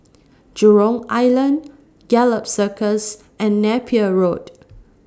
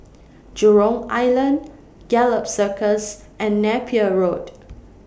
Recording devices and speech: standing microphone (AKG C214), boundary microphone (BM630), read sentence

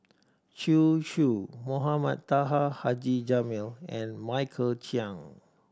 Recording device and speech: standing microphone (AKG C214), read sentence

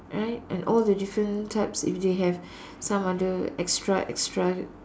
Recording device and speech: standing microphone, conversation in separate rooms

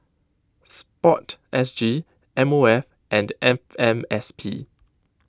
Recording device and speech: close-talking microphone (WH20), read sentence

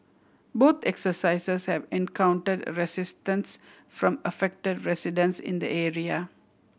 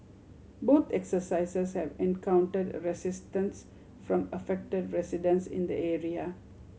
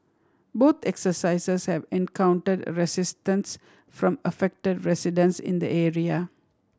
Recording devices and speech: boundary microphone (BM630), mobile phone (Samsung C7100), standing microphone (AKG C214), read sentence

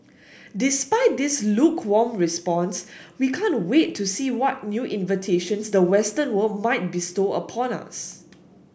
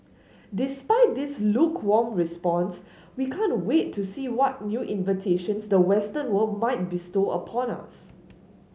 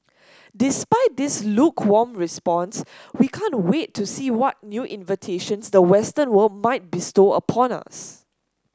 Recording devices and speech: boundary microphone (BM630), mobile phone (Samsung S8), standing microphone (AKG C214), read sentence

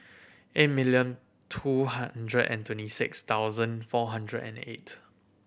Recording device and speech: boundary microphone (BM630), read sentence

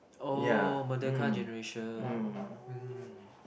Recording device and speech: boundary microphone, conversation in the same room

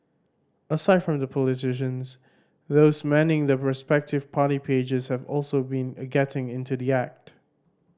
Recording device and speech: standing microphone (AKG C214), read sentence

